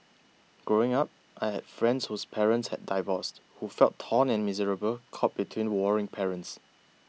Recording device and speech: mobile phone (iPhone 6), read sentence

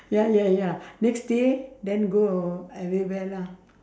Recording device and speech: standing microphone, conversation in separate rooms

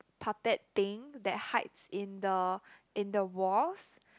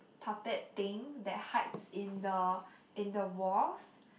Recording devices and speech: close-talking microphone, boundary microphone, conversation in the same room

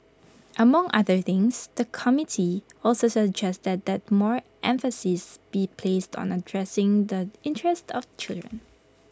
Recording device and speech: close-talking microphone (WH20), read sentence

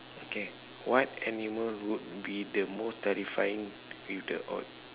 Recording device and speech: telephone, conversation in separate rooms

